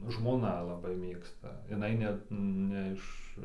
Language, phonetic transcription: Lithuanian, žmoˈna laˈbai ˈmėgsta jiˈnai net ˈne iš

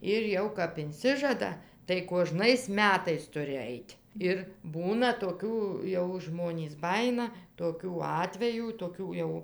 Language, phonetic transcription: Lithuanian, ˈir ˈjau kap inˈsižada tai kuoˈžnais ˈmetais ˈturi ˈait' ˈir ˈbūna toˈkių ˈjau ˈžmonys ˈbajina toˈkių ˈatvejų toˈkių jau

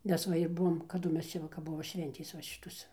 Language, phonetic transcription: Lithuanian, ˈmes va ir ˈbuvom kaˈdu ˈmes ˈčia ˈva kap ˈbuvo ˈšventės ˈva ˈšitos

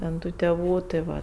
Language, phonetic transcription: Lithuanian, ten ˈtų teˈvų tɜ ˈva

